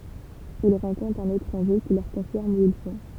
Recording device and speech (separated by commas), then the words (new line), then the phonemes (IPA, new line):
temple vibration pickup, read sentence
Ils rencontrent un étranger qui leur confirme où ils sont.
il ʁɑ̃kɔ̃tʁt œ̃n etʁɑ̃ʒe ki lœʁ kɔ̃fiʁm u il sɔ̃